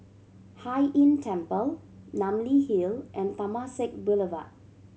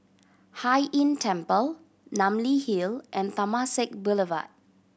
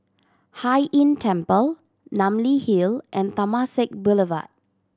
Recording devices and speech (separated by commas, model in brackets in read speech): mobile phone (Samsung C7100), boundary microphone (BM630), standing microphone (AKG C214), read sentence